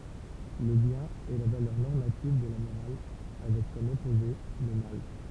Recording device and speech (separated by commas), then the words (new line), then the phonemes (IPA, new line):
temple vibration pickup, read sentence
Le bien est la valeur normative de la morale, avec comme opposé le mal.
lə bjɛ̃n ɛ la valœʁ nɔʁmativ də la moʁal avɛk kɔm ɔpoze lə mal